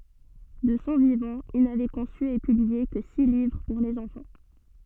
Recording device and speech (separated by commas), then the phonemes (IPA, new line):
soft in-ear microphone, read sentence
də sɔ̃ vivɑ̃ il navɛ kɔ̃sy e pyblie kə si livʁ puʁ lez ɑ̃fɑ̃